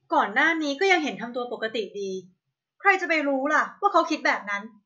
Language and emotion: Thai, angry